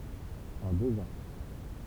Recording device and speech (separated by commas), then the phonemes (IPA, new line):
temple vibration pickup, read sentence
ɑ̃ døz ɑ̃